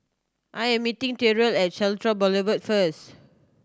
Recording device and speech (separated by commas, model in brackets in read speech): standing microphone (AKG C214), read sentence